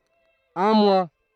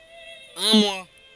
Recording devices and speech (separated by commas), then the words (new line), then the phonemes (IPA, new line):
throat microphone, forehead accelerometer, read sentence
Un mois.
œ̃ mwa